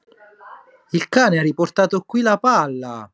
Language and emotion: Italian, surprised